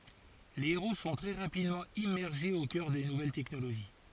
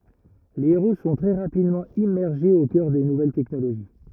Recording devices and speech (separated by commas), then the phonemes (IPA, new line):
forehead accelerometer, rigid in-ear microphone, read sentence
le eʁo sɔ̃ tʁɛ ʁapidmɑ̃ immɛʁʒez o kœʁ de nuvɛl tɛknoloʒi